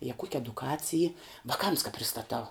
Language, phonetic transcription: Lithuanian, je kuok' eduˈkacij y vaˈkams ka pristaˈtau

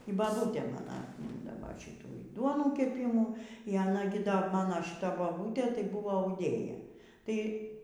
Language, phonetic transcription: Lithuanian, y baˈbūtė ˈmano atˈmyndava ˈšitų y ˈduonų keˈpimų y aˈna gi ˈda ˈmano šiˈta ˈmano boˈbūtė tai ˈbuvo auˈdėja ˈtai

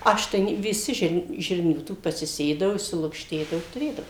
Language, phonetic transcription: Lithuanian, ˈaš tai ne viˈsi žirn ˈžirnių ˈtų pasiˈsėdavu išsilukšˈtėdavu i tuˈrėdavu

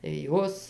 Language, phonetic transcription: Lithuanian, tai ˈjos

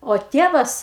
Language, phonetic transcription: Lithuanian, o ˈtievas

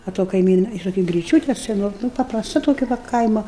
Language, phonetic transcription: Lithuanian, a to kaiˈmyna ir toˈkia griˈčiūte seˈno nu paprasˈta toˈkia va ˈkaimo

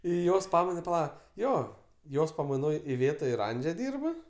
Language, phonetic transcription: Lithuanian, ˈį ˈjos ˈpamaina paˈla ˈjo ˈjos pamaiˈnoj iˈvėta ir ˈandže ˈdyrb

